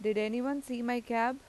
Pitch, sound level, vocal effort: 245 Hz, 88 dB SPL, loud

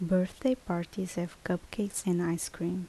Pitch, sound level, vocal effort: 180 Hz, 72 dB SPL, soft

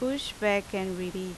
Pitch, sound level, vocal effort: 200 Hz, 84 dB SPL, loud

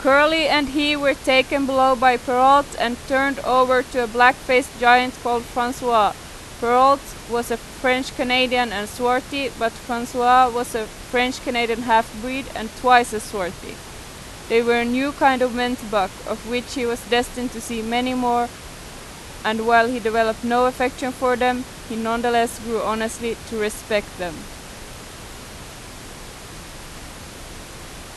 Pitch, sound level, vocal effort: 245 Hz, 91 dB SPL, very loud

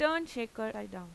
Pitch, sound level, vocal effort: 220 Hz, 91 dB SPL, normal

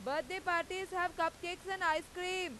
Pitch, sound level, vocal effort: 355 Hz, 98 dB SPL, very loud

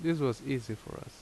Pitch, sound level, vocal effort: 135 Hz, 79 dB SPL, normal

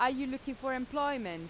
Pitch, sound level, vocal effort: 265 Hz, 91 dB SPL, loud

